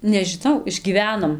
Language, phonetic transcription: Lithuanian, nežiˈnau išgyˈvenom

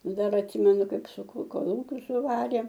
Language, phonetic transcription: Lithuanian, ˈdar atˈsimenu ˈkaip suˈkū koˈlūkius suˈvarė

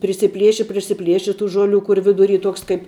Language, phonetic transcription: Lithuanian, prisiˈplieši prisiˈplieši tų ˈžoˌlių ˈkur viduˈry ˈtuoks kaip

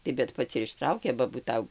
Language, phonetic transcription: Lithuanian, tai bet ˈpats ir išˈtraukė ba būˈtau

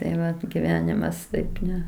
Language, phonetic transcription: Lithuanian, tai ˈvat giˈvenimas ˈtaip ˈne

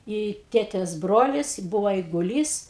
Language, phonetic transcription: Lithuanian, i ˈtėtės ˈbrolis ˈbuvo eiguˈlys

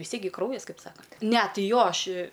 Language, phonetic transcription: Lithuanian, vis ˈtiek gi ˈkraujas ˈkaip ˈsakant' ˈne ti ˈjo ˈaš i

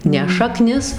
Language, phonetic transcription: Lithuanian, ˈne šaˈknis

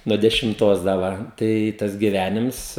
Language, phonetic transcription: Lithuanian, nu dešimˈtos da ˈva tai ˈtas giˈvænims

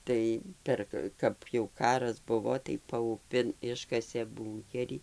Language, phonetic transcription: Lithuanian, ˈtai ˈper ka kad jau ˈkaras ˈbuvo tai pauˈpin ˈiškasė ˈbūnkerį

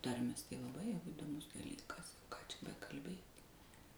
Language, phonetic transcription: Lithuanian, ˈtarmės tai laˈbai jau įdoˈmus daˈlykas ką čia bekalˈbėt'

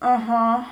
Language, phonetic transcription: Lithuanian, aˈha

